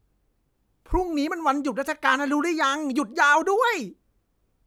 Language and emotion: Thai, happy